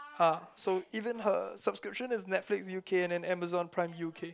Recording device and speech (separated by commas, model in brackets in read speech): close-talking microphone, conversation in the same room